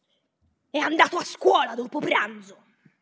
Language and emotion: Italian, angry